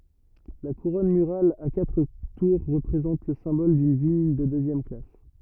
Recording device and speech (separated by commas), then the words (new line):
rigid in-ear microphone, read sentence
La couronne murale à quatre tours représente le symbole d'une ville de deuxième classe.